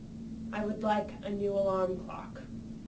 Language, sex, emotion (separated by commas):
English, female, disgusted